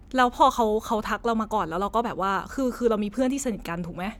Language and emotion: Thai, neutral